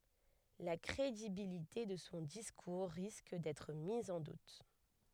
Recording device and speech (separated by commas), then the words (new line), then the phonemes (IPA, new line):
headset microphone, read sentence
La crédibilité de son discours risque d’être mise en doute.
la kʁedibilite də sɔ̃ diskuʁ ʁisk dɛtʁ miz ɑ̃ dut